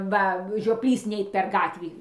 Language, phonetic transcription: Lithuanian, ˈva žioˈplys ˈneit per ˈgatvį

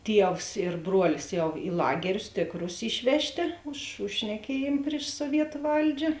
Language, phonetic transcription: Lithuanian, ˈtievs ir ˈbruolis ˈjau i ˈlagerius ˈtėkˌrus ˈišvežˌtė už už šneˈkiejėm priš suoˈvietu ˈvaldžia

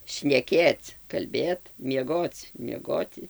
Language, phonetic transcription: Lithuanian, šneˈkėc kalˈbėt mieˈgoc mieˈgoti

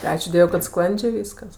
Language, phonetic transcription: Lithuanian, ti ˈačiū ˈdievui kad ˈsklandžė ˈvyskas

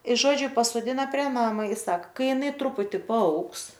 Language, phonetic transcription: Lithuanian, i ˈžodžiu pasoˈdina prie ˈnama i ˈsaka ˈkai jiˈnai ˈtruputi paˈaugs

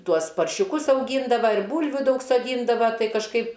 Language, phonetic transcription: Lithuanian, ˈtuos paršiuˈkus auˈgyndava ir ˈbūlvių ˈdaug soˈdyndava ˈtai kažˈkaip

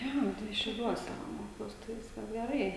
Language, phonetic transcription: Lithuanian, ˈjo tai šiauˈliuose ˈmokiaus tai ˈviskas geˈrai

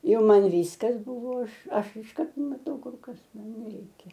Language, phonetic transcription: Lithuanian, ˈjau ˈman ˈvyskas ˈbuvo ˈaš ˈaš išˈkart maˈtau ˈkur ˈkas ˈman neˈreikia

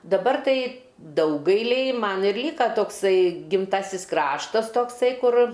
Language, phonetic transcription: Lithuanian, daˈbar ˈtai ˈdaugailiai ˈman ir ˈlyka tokˈsai gimˈtasis ˈkraštas ˈtoksai ˈkur

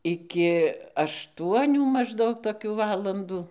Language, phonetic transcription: Lithuanian, ˈiki ašˈtuonių mažˈdaug toˈkių ˈvalandų

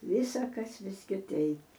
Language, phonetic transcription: Lithuanian, ˈvysakas vis kiˈteip

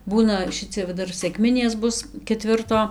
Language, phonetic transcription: Lithuanian, ˈbūna ˈšicia va ˈdar sekˈminės ˈbus keˈtvirto

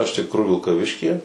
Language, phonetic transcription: Lithuanian, iš tikˈrųjų vilkaˈviškyje

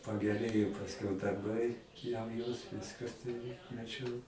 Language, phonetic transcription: Lithuanian, pageˈrėjo pasˈkiau darˈbai jau jos ˈviska ˈturi maˈčiau

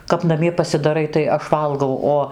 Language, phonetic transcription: Lithuanian, kap naˈmie pasidaˈrai tai ˈaš ˈvalgau ˈo

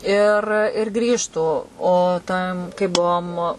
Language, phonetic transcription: Lithuanian, ir ir ˈgrįžtų o ˈtam kaip ˈbuom

